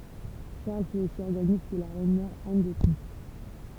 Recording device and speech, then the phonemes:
temple vibration pickup, read sentence
ʃaʁl fy osi ɔʁɡanist də la ʁɛnmɛʁ an dotʁiʃ

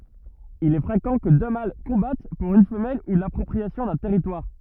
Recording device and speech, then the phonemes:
rigid in-ear microphone, read sentence
il ɛ fʁekɑ̃ kə dø mal kɔ̃bat puʁ yn fəmɛl u lapʁɔpʁiasjɔ̃ dœ̃ tɛʁitwaʁ

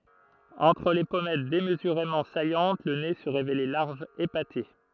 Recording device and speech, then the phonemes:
throat microphone, read sentence
ɑ̃tʁ le pɔmɛt demzyʁemɑ̃ sajɑ̃t lə ne sə ʁevelɛ laʁʒ epate

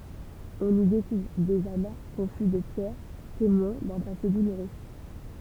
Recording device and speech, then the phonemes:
temple vibration pickup, read sentence
ɔ̃n i dekuvʁ dez ama kɔ̃fy də pjɛʁ temwɛ̃ dœ̃ pase duluʁø

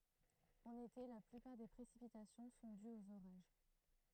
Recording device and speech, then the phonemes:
throat microphone, read sentence
ɑ̃n ete la plypaʁ de pʁesipitasjɔ̃ sɔ̃ dyz oz oʁaʒ

